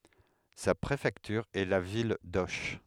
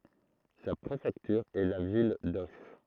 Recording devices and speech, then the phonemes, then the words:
headset microphone, throat microphone, read sentence
sa pʁefɛktyʁ ɛ la vil doʃ
Sa préfecture est la ville d'Auch.

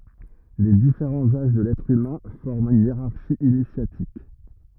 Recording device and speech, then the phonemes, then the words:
rigid in-ear microphone, read sentence
le difeʁɑ̃z aʒ də lɛtʁ ymɛ̃ fɔʁmt yn jeʁaʁʃi inisjatik
Les différents âges de l'être humain forment une hiérarchie initiatique.

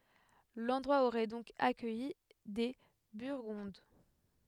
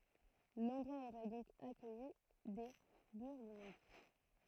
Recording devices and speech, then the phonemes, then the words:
headset microphone, throat microphone, read sentence
lɑ̃dʁwa oʁɛ dɔ̃k akœji de byʁɡɔ̃d
L'endroit aurait donc accueilli des Burgondes.

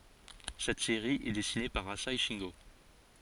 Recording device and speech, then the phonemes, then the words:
forehead accelerometer, read sentence
sɛt seʁi ɛ dɛsine paʁ aze ʃɛ̃ɡo
Cette série est dessinée par Asai Shingo.

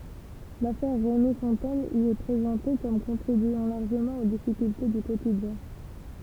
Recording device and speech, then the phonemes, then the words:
temple vibration pickup, read sentence
lafɛʁ ʁemi fɔ̃tɛn i ɛ pʁezɑ̃te kɔm kɔ̃tʁibyɑ̃ laʁʒəmɑ̃ o difikylte dy kotidjɛ̃
L'affaire Rémi Fontaine y est présentée comme contribuant largement aux difficultés du quotidien.

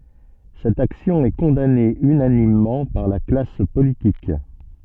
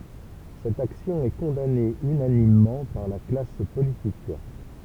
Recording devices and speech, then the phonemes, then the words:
soft in-ear microphone, temple vibration pickup, read sentence
sɛt aksjɔ̃ ɛ kɔ̃dane ynanimmɑ̃ paʁ la klas politik
Cette action est condamnée unanimement par la classe politique.

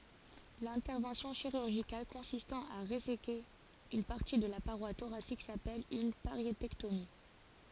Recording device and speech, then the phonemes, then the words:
forehead accelerometer, read sentence
lɛ̃tɛʁvɑ̃sjɔ̃ ʃiʁyʁʒikal kɔ̃sistɑ̃ a ʁezeke yn paʁti də la paʁwa toʁasik sapɛl yn paʁjetɛktomi
L'intervention chirurgicale consistant à réséquer une partie de la paroi thoracique s'appelle une pariétectomie.

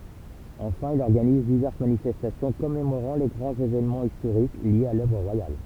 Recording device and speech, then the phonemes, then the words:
temple vibration pickup, read sentence
ɑ̃fɛ̃ il ɔʁɡaniz divɛʁs manifɛstasjɔ̃ kɔmemoʁɑ̃ le ɡʁɑ̃z evenmɑ̃z istoʁik ljez a lœvʁ ʁwajal
Enfin, il organise diverses manifestations commémorant les grands événements historiques liés à l'œuvre royale.

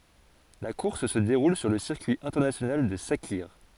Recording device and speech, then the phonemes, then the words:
forehead accelerometer, read sentence
la kuʁs sə deʁul syʁ lə siʁkyi ɛ̃tɛʁnasjonal də sakiʁ
La course se déroule sur le circuit international de Sakhir.

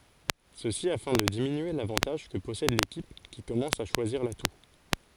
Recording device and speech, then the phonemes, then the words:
forehead accelerometer, read sentence
səsi afɛ̃ də diminye lavɑ̃taʒ kə pɔsɛd lekip ki kɔmɑ̃s a ʃwaziʁ latu
Ceci afin de diminuer l'avantage que possède l'équipe qui commence à choisir l'atout.

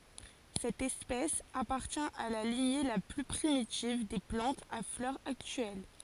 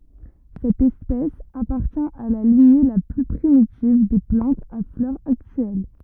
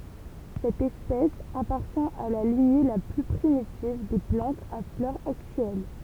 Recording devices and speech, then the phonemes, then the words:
forehead accelerometer, rigid in-ear microphone, temple vibration pickup, read sentence
sɛt ɛspɛs apaʁtjɛ̃ a la liɲe la ply pʁimitiv de plɑ̃tz a flœʁz aktyɛl
Cette espèce appartient à la lignée la plus primitive des plantes à fleurs actuelles.

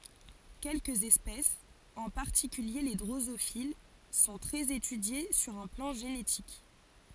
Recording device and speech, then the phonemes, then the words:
forehead accelerometer, read sentence
kɛlkəz ɛspɛsz ɑ̃ paʁtikylje le dʁozofil sɔ̃ tʁɛz etydje syʁ œ̃ plɑ̃ ʒenetik
Quelques espèces, en particulier les drosophiles, sont très étudiées sur un plan génétique.

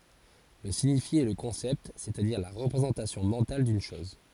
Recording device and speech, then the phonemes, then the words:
forehead accelerometer, read sentence
lə siɲifje ɛ lə kɔ̃sɛpt sɛstadiʁ la ʁəpʁezɑ̃tasjɔ̃ mɑ̃tal dyn ʃɔz
Le signifié est le concept, c'est-à-dire la représentation mentale d'une chose.

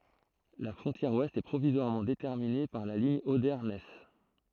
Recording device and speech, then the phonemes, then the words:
throat microphone, read sentence
la fʁɔ̃tjɛʁ wɛst ɛ pʁovizwaʁmɑ̃ detɛʁmine paʁ la liɲ ode nɛs
La frontière ouest est provisoirement déterminée par la ligne Oder-Neisse.

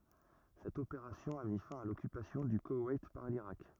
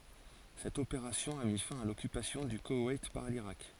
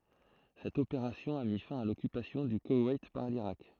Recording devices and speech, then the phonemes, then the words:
rigid in-ear microphone, forehead accelerometer, throat microphone, read sentence
sɛt opeʁasjɔ̃ a mi fɛ̃ a lɔkypasjɔ̃ dy kowɛjt paʁ liʁak
Cette opération a mis fin à l'occupation du Koweït par l'Irak.

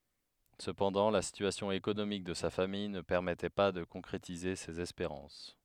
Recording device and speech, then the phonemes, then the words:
headset microphone, read sentence
səpɑ̃dɑ̃ la sityasjɔ̃ ekonomik də sa famij nə pɛʁmɛtɛ pa də kɔ̃kʁetize sez ɛspeʁɑ̃s
Cependant la situation économique de sa famille ne permettait pas de concrétiser ses espérances.

